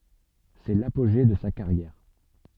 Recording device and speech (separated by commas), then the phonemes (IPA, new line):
soft in-ear microphone, read sentence
sɛ lapoʒe də sa kaʁjɛʁ